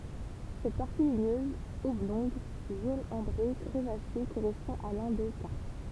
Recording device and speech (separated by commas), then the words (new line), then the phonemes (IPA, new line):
temple vibration pickup, read sentence
Cette partie ligneuse, oblongue, jaune ambré, crevassée correspond à l’endocarpe.
sɛt paʁti liɲøz ɔblɔ̃ɡ ʒon ɑ̃bʁe kʁəvase koʁɛspɔ̃ a lɑ̃dokaʁp